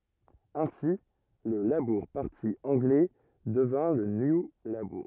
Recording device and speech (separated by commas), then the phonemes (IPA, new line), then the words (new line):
rigid in-ear microphone, read sentence
ɛ̃si lə labuʁ paʁti ɑ̃ɡlɛ dəvjɛ̃ lə nju labuʁ
Ainsi, le Labour Party anglais devient le New Labour.